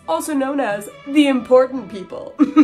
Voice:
snooty voice